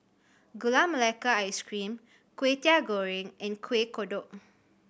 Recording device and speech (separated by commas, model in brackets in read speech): boundary microphone (BM630), read sentence